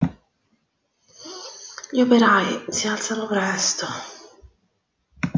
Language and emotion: Italian, sad